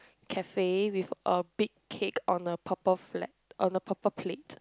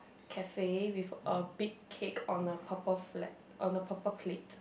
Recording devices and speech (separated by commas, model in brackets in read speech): close-talking microphone, boundary microphone, conversation in the same room